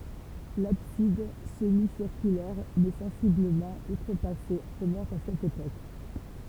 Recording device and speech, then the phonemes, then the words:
temple vibration pickup, read sentence
labsid səmisiʁkylɛʁ mɛ sɑ̃sibləmɑ̃ utʁəpase ʁəmɔ̃t a sɛt epok
L'abside, semi-circulaire mais sensiblement outrepassée, remonte à cette époque.

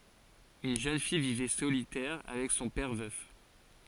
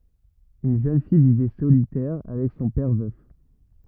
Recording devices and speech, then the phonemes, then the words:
forehead accelerometer, rigid in-ear microphone, read sentence
yn ʒøn fij vivɛ solitɛʁ avɛk sɔ̃ pɛʁ vœf
Une jeune fille vivait solitaire avec son père, veuf.

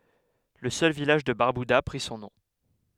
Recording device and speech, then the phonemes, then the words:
headset microphone, read sentence
lə sœl vilaʒ də baʁbyda pʁi sɔ̃ nɔ̃
Le seul village de Barbuda prit son nom.

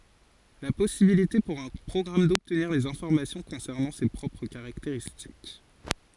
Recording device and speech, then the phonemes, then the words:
forehead accelerometer, read sentence
la pɔsibilite puʁ œ̃ pʁɔɡʁam dɔbtniʁ dez ɛ̃fɔʁmasjɔ̃ kɔ̃sɛʁnɑ̃ se pʁɔpʁ kaʁakteʁistik
La possibilité pour un programme d'obtenir des informations concernant ses propres caractéristiques.

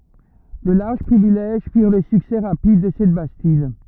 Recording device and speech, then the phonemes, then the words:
rigid in-ear microphone, read sentence
də laʁʒ pʁivilɛʒ fiʁ lə syksɛ ʁapid də sɛt bastid
De larges privilèges firent le succès rapide de cette bastide.

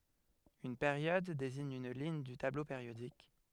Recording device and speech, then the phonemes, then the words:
headset microphone, read sentence
yn peʁjɔd deziɲ yn liɲ dy tablo peʁjodik
Une période désigne une ligne du tableau périodique.

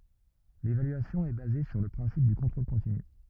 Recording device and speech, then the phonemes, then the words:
rigid in-ear microphone, read sentence
levalyasjɔ̃ ɛ baze syʁ lə pʁɛ̃sip dy kɔ̃tʁol kɔ̃tiny
L’évaluation est basée sur le principe du contrôle continu.

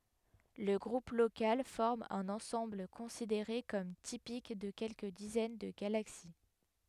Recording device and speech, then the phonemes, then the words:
headset microphone, read sentence
lə ɡʁup lokal fɔʁm œ̃n ɑ̃sɑ̃bl kɔ̃sideʁe kɔm tipik də kɛlkə dizɛn də ɡalaksi
Le Groupe local forme un ensemble considéré comme typique de quelques dizaines de galaxies.

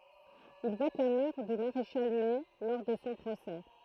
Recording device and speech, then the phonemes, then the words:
throat microphone, read sentence
il vɔt la mɔʁ dy maʁeʃal nɛ lɔʁ də sɔ̃ pʁosɛ
Il vote la mort du maréchal Ney lors de son procès.

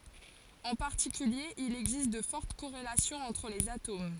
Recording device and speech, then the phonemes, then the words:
forehead accelerometer, read sentence
ɑ̃ paʁtikylje il ɛɡzist də fɔʁt koʁelasjɔ̃z ɑ̃tʁ lez atom
En particulier, il existe de fortes corrélations entre les atomes.

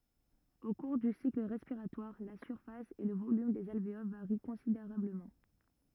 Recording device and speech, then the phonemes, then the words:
rigid in-ear microphone, read sentence
o kuʁ dy sikl ʁɛspiʁatwaʁ la syʁfas e lə volym dez alveol vaʁi kɔ̃sideʁabləmɑ̃
Au cours du cycle respiratoire, la surface et le volume des alvéoles varient considérablement.

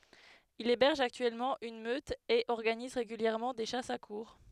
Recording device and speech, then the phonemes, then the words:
headset microphone, read sentence
il ebɛʁʒ aktyɛlmɑ̃ yn møt e ɔʁɡaniz ʁeɡyljɛʁmɑ̃ de ʃasz a kuʁʁ
Il héberge actuellement une meute et organise régulièrement des chasses à courre.

